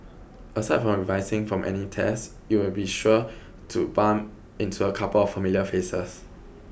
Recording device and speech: boundary microphone (BM630), read sentence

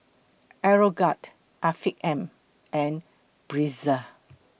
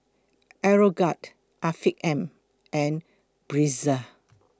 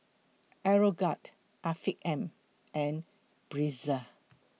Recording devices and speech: boundary microphone (BM630), close-talking microphone (WH20), mobile phone (iPhone 6), read sentence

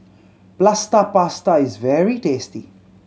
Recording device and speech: mobile phone (Samsung C7100), read sentence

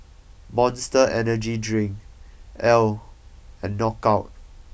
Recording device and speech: boundary microphone (BM630), read sentence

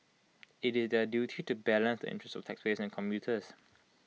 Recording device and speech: mobile phone (iPhone 6), read sentence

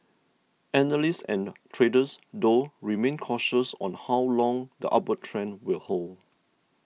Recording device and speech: mobile phone (iPhone 6), read sentence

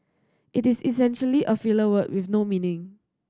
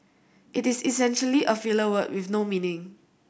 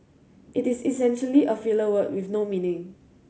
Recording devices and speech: standing microphone (AKG C214), boundary microphone (BM630), mobile phone (Samsung C7100), read sentence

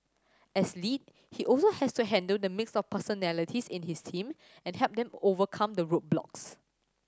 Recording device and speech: standing microphone (AKG C214), read sentence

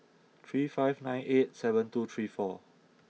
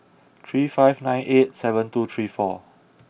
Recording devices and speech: mobile phone (iPhone 6), boundary microphone (BM630), read sentence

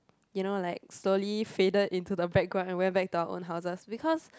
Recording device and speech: close-talking microphone, conversation in the same room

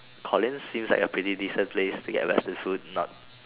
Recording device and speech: telephone, conversation in separate rooms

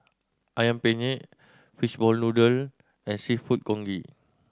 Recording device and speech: standing microphone (AKG C214), read sentence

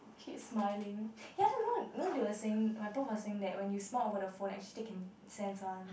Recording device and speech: boundary microphone, conversation in the same room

